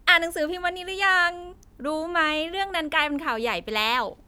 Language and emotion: Thai, happy